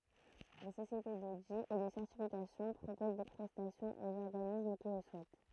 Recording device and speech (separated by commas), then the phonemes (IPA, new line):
throat microphone, read sentence
de sosjete dodi e də sɛʁtifikasjɔ̃ pʁopoz de pʁɛstasjɔ̃z oz ɔʁɡanism ki lə suɛt